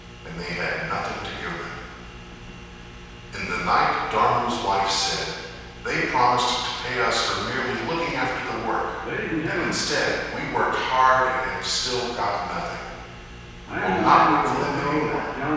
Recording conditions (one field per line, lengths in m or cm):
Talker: one person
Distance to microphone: 7.1 m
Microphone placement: far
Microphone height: 1.7 m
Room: very reverberant, large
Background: television